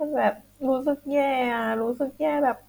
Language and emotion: Thai, sad